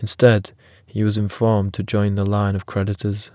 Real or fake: real